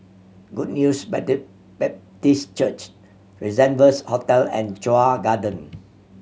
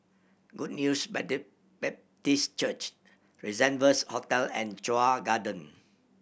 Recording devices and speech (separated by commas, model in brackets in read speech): mobile phone (Samsung C7100), boundary microphone (BM630), read sentence